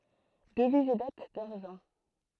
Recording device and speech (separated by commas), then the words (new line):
throat microphone, read sentence
Devise et dates d'argent.